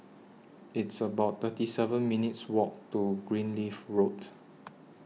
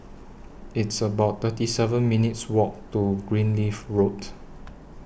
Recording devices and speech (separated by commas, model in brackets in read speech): mobile phone (iPhone 6), boundary microphone (BM630), read sentence